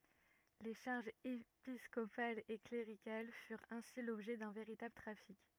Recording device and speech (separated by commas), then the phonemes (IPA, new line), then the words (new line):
rigid in-ear microphone, read sentence
le ʃaʁʒz episkopalz e kleʁikal fyʁt ɛ̃si lɔbʒɛ dœ̃ veʁitabl tʁafik
Les charges épiscopales et cléricales furent ainsi l’objet d’un véritable trafic.